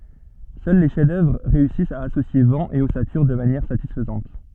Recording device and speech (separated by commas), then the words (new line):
soft in-ear microphone, read sentence
Seuls les chefs-d'œuvre réussissent à associer vent et ossature de manière satisfaisante.